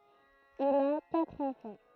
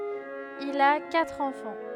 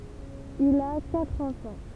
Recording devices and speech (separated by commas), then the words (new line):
throat microphone, headset microphone, temple vibration pickup, read sentence
Il a quatre enfants.